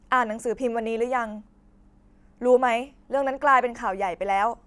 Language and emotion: Thai, frustrated